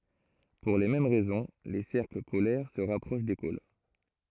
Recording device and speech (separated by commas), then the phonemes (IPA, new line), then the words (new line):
throat microphone, read sentence
puʁ le mɛm ʁɛzɔ̃ le sɛʁkl polɛʁ sə ʁapʁoʃ de pol
Pour les mêmes raisons, les cercles polaires se rapprochent des pôles.